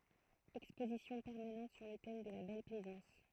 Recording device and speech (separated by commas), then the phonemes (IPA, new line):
throat microphone, read sentence
ɛkspozisjɔ̃ pɛʁmanɑ̃t syʁ lə tɛm də la bɛl plɛzɑ̃s